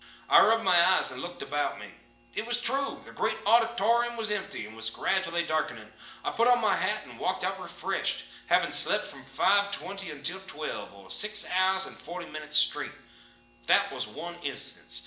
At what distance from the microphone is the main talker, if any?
1.8 m.